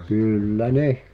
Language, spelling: Finnish, kyllä ne
- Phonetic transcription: 'kỳl̀lä "neh !

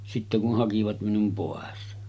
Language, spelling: Finnish, sitten kun hakivat minun pois
- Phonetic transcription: sitte kuh 'hakivat minum 'pòes .

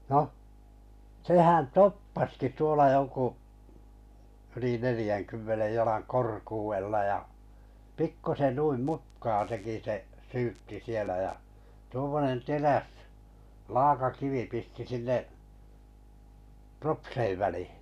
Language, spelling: Finnish, noh sehän toppasikin tuolla jo kun yli neljänkymmenen jalan korkeudella ja pikkuisen noin mutkaa teki se syytti siellä ja tuommoinen teräs laakakivi pisti sinne propsien väliin
- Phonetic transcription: 'noh , 'sehän "toppaski tuola 'jo ku , yli 'nelⁱjäŋkymmenej 'jalaŋ "korkuuwella ja , 'pikkusen 'nuim "mutkaa teki se’ , "syytti sielä jä , tu(om)monen 'teräs , 'laakakivi pisti sinnev’ , "propseiv välihɪ .

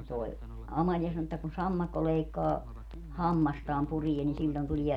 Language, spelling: Finnish, ja tuo Amalia sanoi että kun sammakko leikkaa hammastaan puree niin silloin tulee
- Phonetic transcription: ja toi̮ , 'Amaĺia sano että kun 'sammakko 'leikkaa , "hammastaam 'purie ni siĺĺon 'tulie ,.

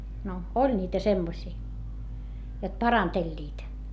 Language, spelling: Finnish, no oli niitä semmoisia jotka parantelivat
- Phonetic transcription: no , oĺ niitä semmosii , jot paranteĺĺiit .

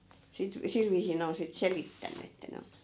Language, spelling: Finnish, sitten sillä viisiin ne on sitten selittänyt että ne on
- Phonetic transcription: sit , 'sil viisii 'ne on sit "selittän̆ny että 'ne on̬ .

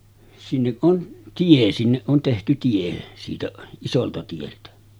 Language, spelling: Finnish, sinne on tie sinne on tehty tie siitä isolta tieltä
- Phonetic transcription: sinneˀ ˀon 'tie sinneˀ ˀon tehty 'tie , siitä 'isolta tieltä .

